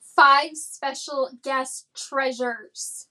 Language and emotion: English, angry